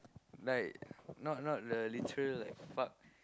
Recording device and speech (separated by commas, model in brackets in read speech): close-talking microphone, conversation in the same room